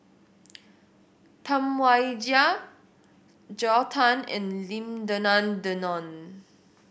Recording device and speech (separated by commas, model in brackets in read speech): boundary microphone (BM630), read sentence